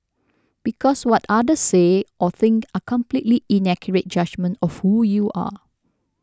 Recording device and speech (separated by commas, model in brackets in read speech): standing microphone (AKG C214), read sentence